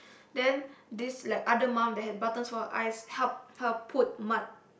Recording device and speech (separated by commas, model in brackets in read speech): boundary microphone, conversation in the same room